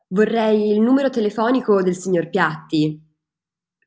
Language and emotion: Italian, neutral